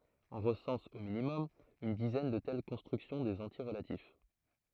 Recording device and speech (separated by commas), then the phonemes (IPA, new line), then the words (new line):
throat microphone, read sentence
ɔ̃ ʁəsɑ̃s o minimɔm yn dizɛn də tɛl kɔ̃stʁyksjɔ̃ dez ɑ̃tje ʁəlatif
On recense, au minimum, une dizaine de telles constructions des entiers relatifs.